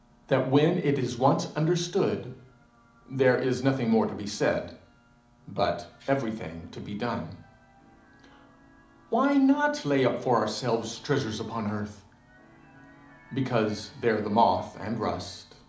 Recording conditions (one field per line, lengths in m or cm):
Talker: one person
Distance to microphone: 2.0 m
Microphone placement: close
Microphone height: 99 cm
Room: medium-sized (5.7 m by 4.0 m)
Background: television